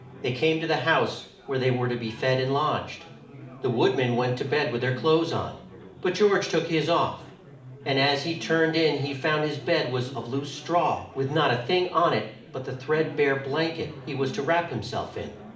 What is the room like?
A medium-sized room (about 5.7 m by 4.0 m).